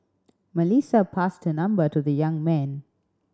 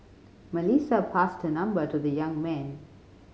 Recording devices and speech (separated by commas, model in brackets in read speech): standing microphone (AKG C214), mobile phone (Samsung C5010), read sentence